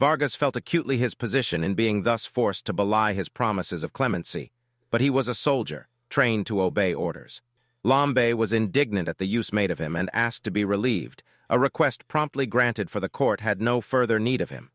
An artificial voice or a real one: artificial